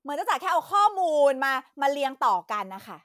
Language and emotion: Thai, angry